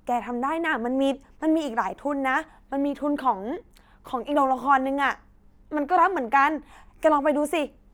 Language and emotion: Thai, happy